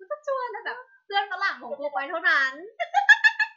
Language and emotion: Thai, happy